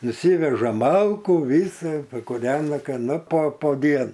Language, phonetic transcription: Lithuanian, nuˈsyveža ˈmalkų ˈvysa pakuˈrena ˈka ˈnu pa po ˈdien

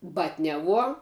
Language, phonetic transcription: Lithuanian, ˈbatniaˌvuo

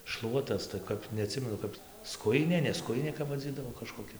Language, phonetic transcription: Lithuanian, ˈšluotas tai ˈkap neaˈtsimenu ˈkap ˈskujinė ne ˈskujinė kap vaˈdzydavo kažkoˈkia

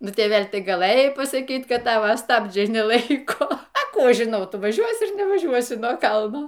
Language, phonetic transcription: Lithuanian, ˈnu ˈtėvel' ˈtai gaˈlɘjai pasaˈkyt ˈkad ˈtava ˈstabdžiai neˈlaiko a ˈkų ˈaš žiˈnau ˈtu vaˈžiuosi ar nevaˈžiuosi nuo ˈkalno

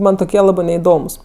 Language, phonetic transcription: Lithuanian, ˈman toˈkie ˈlabɜ neiˈdomus

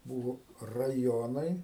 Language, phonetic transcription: Lithuanian, ˈbūvo raˈjonai

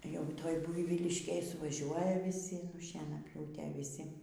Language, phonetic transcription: Lithuanian, jau ˈtoj ˈbuivyliškėj suvaˈžiuoja vyˈsi nu šienaˈpjūtė viˈsi

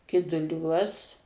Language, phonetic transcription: Lithuanian, kiduˈliuos

